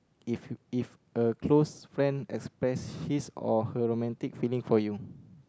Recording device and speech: close-talking microphone, conversation in the same room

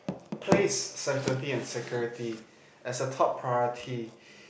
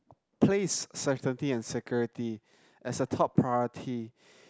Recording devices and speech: boundary microphone, close-talking microphone, conversation in the same room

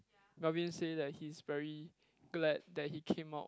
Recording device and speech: close-talking microphone, conversation in the same room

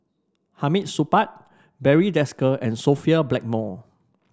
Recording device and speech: standing microphone (AKG C214), read sentence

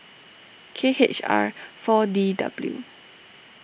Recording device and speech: boundary microphone (BM630), read sentence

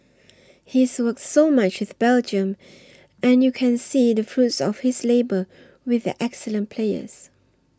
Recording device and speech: standing microphone (AKG C214), read sentence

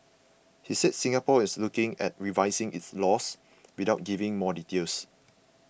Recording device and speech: boundary microphone (BM630), read sentence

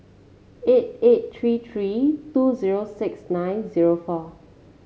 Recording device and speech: mobile phone (Samsung C7), read sentence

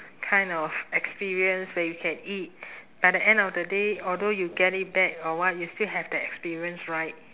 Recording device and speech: telephone, conversation in separate rooms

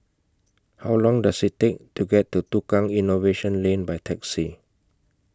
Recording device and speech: close-talking microphone (WH20), read sentence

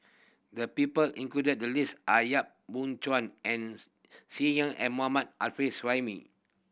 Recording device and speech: boundary microphone (BM630), read sentence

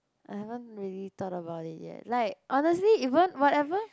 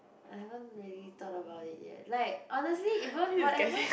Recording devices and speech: close-talking microphone, boundary microphone, conversation in the same room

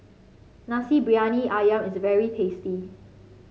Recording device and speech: mobile phone (Samsung C5), read sentence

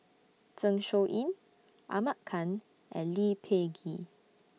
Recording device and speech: mobile phone (iPhone 6), read sentence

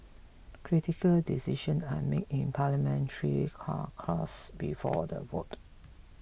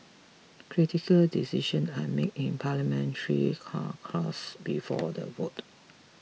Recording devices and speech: boundary microphone (BM630), mobile phone (iPhone 6), read sentence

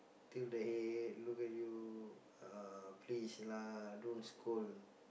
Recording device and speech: boundary microphone, conversation in the same room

